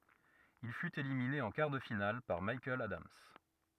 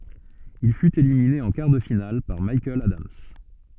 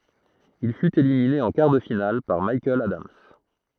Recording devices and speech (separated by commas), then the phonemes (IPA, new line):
rigid in-ear microphone, soft in-ear microphone, throat microphone, read sentence
il fyt elimine ɑ̃ kaʁ də final paʁ mikaɛl adams